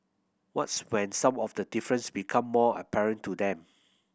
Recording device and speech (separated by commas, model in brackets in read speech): boundary microphone (BM630), read sentence